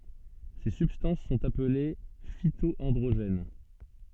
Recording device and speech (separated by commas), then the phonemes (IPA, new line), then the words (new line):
soft in-ear microphone, read sentence
se sybstɑ̃s sɔ̃t aple fito ɑ̃dʁoʒɛn
Ces substances sont appelées phyto-androgènes.